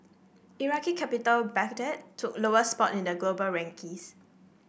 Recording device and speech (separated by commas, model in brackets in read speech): boundary microphone (BM630), read sentence